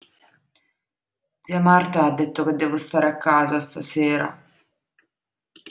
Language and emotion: Italian, sad